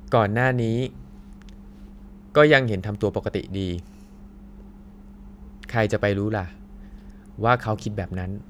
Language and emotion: Thai, neutral